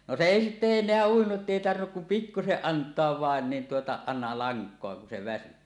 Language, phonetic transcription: Finnish, no se "èi sitte eǹeä 'uinuˀ 'ˀettèi tarvinnuk kum "pikkuseˀ 'ˀant̀oav 'vàen nin tuota , àena 'laŋk̀oa kun se väsy .
- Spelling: no se ei sitten enää uinut että ei tarvinnut kuin pikkuisen antaa vain niin tuota aina lankaa kun se väsyi

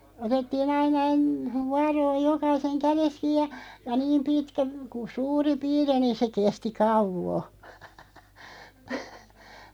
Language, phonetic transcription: Finnish, 'otettii'n ‿aina (en-) , 'vuaroo "jokaiseŋ 'kärest 'kiiʲ ja , ja "niim 'pitkä , ku "suuri 'piiri o(li) niin̬ se 'kesti "kauvo .
- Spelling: otettiin aina - vuoroa jokaisen kädestä kiinni ja ja niin pitkä kun suuri piiri oli niin se kesti kauan

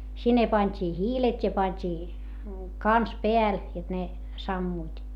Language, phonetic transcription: Finnish, sinne pańt́ii hiilet́ ja pańt́ii , kans peäl , jot ne , sammuit .
- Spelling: sinne pantiin hiilet ja pantiin kanssa päälle jotta ne sammuivat

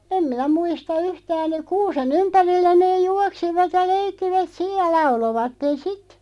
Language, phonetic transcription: Finnish, 'em minä 'muista "yhtään , 'kuuse"n ‿ympärillä neeʲ "juaksivat ja "leikkivät "sij ja 'laulovatten "sit .
- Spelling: en minä muista yhtään kuusen ympärillä ne juoksivat ja leikkivät sitten ja lauloivat sitten

